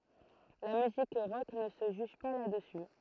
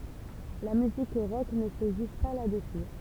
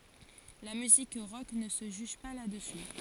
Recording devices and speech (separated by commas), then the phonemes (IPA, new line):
throat microphone, temple vibration pickup, forehead accelerometer, read sentence
la myzik ʁɔk nə sə ʒyʒ pa la dəsy